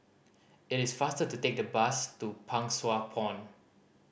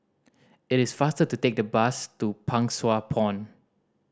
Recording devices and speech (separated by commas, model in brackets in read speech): boundary microphone (BM630), standing microphone (AKG C214), read sentence